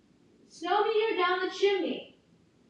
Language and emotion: English, neutral